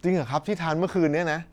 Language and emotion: Thai, neutral